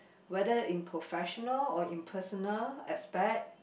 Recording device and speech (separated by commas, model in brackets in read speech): boundary microphone, conversation in the same room